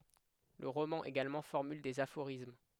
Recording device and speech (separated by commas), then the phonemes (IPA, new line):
headset microphone, read sentence
lə ʁomɑ̃ eɡalmɑ̃ fɔʁmyl dez afoʁism